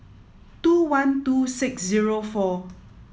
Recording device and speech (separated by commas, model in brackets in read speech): mobile phone (iPhone 7), read sentence